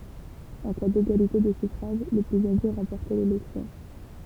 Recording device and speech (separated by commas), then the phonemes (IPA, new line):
temple vibration pickup, read sentence
ɑ̃ ka deɡalite də syfʁaʒ lə plyz aʒe ʁɑ̃pɔʁtɛ lelɛksjɔ̃